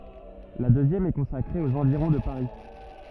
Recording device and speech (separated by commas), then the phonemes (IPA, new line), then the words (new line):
rigid in-ear microphone, read sentence
la døzjɛm ɛ kɔ̃sakʁe oz ɑ̃viʁɔ̃ də paʁi
La deuxième est consacrée aux environs de Paris.